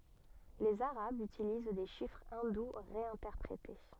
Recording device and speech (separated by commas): soft in-ear microphone, read sentence